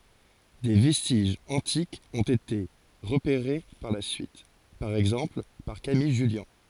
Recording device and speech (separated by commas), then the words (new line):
forehead accelerometer, read sentence
Des vestiges antiques ont été repérés par la suite, par exemple par Camille Jullian.